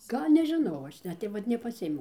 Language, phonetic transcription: Lithuanian, ˈgal' nežiˈnau ˈaš ˈnet tai ˈvat nepaˈsiėmiau

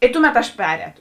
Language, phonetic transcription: Lithuanian, i ˈtuˌmet aš ˈperēto

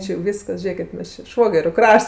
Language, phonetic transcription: Lithuanian, ˈči jau ˈvyskas ˈžėkit ˈmes či ˈšvogeriu ˈkrašts

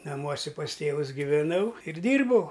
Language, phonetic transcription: Lithuanian, naˈmuose pas ˈtėvus giveˈnau ir ˈdyrbau

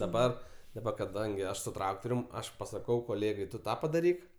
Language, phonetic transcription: Lithuanian, daˈbar daˈba kaˈdangi ˈaš suˈ traktorium ˈaš pasaˈkau koˈlėgai ˈtu ˈtą padaˈryk

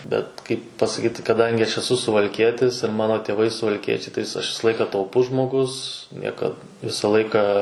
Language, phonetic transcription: Lithuanian, bet kaip pasaˈkyt kaˈdangi aš eˈsu suvalˈkietis ir ˈmano tėˈvai suvalˈkiečiai tai aš ˈvisa ˈlaika tauˈpus žmoˈgus ˈniekad ˈvisa ˈlaika

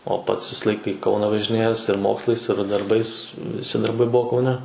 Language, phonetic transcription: Lithuanian, o ˈpats ˈvisa ˈlaika i ˈkauna važiˈnėjes ir ˈmokslais ir darˈbais viˈsi darˈbai ˈbuo kauˈne

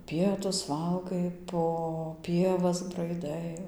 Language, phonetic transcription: Lithuanian, ˈpietus ˈvalgai po ˈpievas braiˈdai

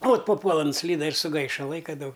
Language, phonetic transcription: Lithuanian, ot paˈpuola nuˈslyda ir suˈgaiša ˈlaika ˈdaug

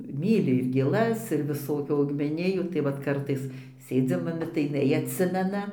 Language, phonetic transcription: Lithuanian, ˈmyli ir gėˈlas ir viˈsokių augmeˈnijų tai ˈvat ˈkartais ˈsėdzim aˈbi tai jiˈnai atˈsimena

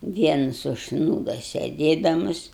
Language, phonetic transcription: Lithuanian, ˈvienas užsˈnūdo sėˈdėdamus

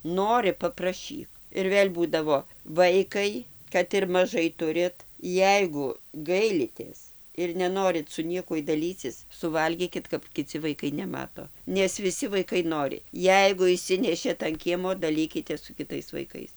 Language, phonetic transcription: Lithuanian, ˈnori papraˈšyk ir ˈvėl' ˈbūdavo ˈvaikai kad ir maˈžai ˈturit ˈjeigu ˈgailitės ir neˈnorit su ˈniekuoj daˈlycis suˈvalgykit kap kiˈci vaiˈkai neˈmato nes viˈsi vaiˈkai ˈnori ˈjeigu išˈsinešėt an ˈkiemo daˈlykitės su kiˈtais vaiˈkais

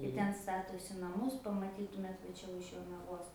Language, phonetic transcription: Lithuanian, i ˈten ˈstatosi naˈmus pamaˈtytumėt va ˈčia už jonaˈvos

